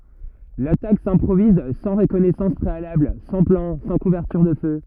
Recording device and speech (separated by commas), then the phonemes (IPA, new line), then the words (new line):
rigid in-ear microphone, read sentence
latak sɛ̃pʁoviz sɑ̃ ʁəkɔnɛsɑ̃s pʁealabl sɑ̃ plɑ̃ sɑ̃ kuvɛʁtyʁ də fø
L'attaque s'improvise sans reconnaissance préalable, sans plan, sans couverture de feu.